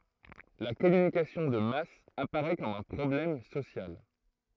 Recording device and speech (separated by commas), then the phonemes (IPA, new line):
throat microphone, read sentence
la kɔmynikasjɔ̃ də mas apaʁɛ kɔm œ̃ pʁɔblɛm sosjal